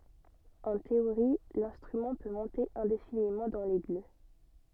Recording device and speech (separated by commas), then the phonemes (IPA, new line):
soft in-ear microphone, read sentence
ɑ̃ teoʁi lɛ̃stʁymɑ̃ pø mɔ̃te ɛ̃definimɑ̃ dɑ̃ lɛɡy